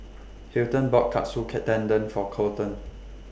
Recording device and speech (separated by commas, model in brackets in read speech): boundary microphone (BM630), read sentence